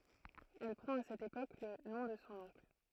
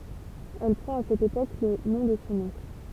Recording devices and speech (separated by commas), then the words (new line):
throat microphone, temple vibration pickup, read sentence
Elle prend à cette époque le nom de son oncle.